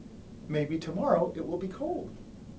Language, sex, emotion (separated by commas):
English, male, happy